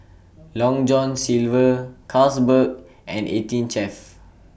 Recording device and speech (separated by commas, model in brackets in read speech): boundary microphone (BM630), read sentence